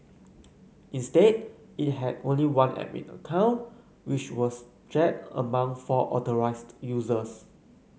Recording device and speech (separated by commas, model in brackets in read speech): mobile phone (Samsung C9), read sentence